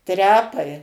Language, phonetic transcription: Lithuanian, ˈtrepai

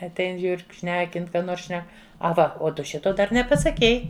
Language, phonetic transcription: Lithuanian, atˈein ˈžiūr k ˈšnekin ˈką ˈnors ˈšnek aˈva o ˈtu ˈšito ˈdar nepasaˈkei

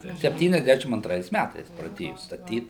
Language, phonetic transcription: Lithuanian, sepˌtyniasˈdæšim antˈrais ˈmætais praˈdėju staˈtyt

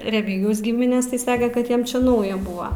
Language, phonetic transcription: Lithuanian, reˈmygijaus ˈgiminės tai ˈsake kad ˈjiem čia ˈnauja ˈbua

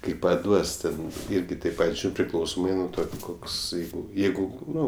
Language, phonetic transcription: Lithuanian, kai paˈduos ten ˈirgi taip ˈpat' ˈžūrint priˈklausomai nuo ˈto kokˈsai ˈjeigu ˈnu

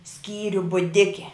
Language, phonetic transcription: Lithuanian, ˈskyriu buˈdike

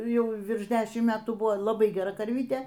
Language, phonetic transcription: Lithuanian, ˈjau ˈvirš ˈdešim ˈmetų ˈbuvo laˈbai geˈra karˈvytė

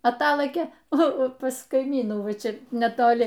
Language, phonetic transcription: Lithuanian, aˈtalɘkė ˈnu pas kaiˈmynų ˈva ˈčia netoˈli

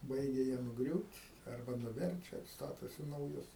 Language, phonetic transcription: Lithuanian, ˈbaigia jie nuˈgriūt' arˈba nuˈverčia ˈstatosi nauˈjus

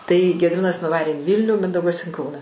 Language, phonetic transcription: Lithuanian, tai gediˈminas nuˈvarė in ˈvylnių ˈmindaugas in ˈkauną

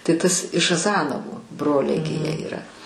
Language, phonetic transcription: Lithuanian, tai ˈtas iš aˈzanovu ˈbroliai gi ˈjie yˈra

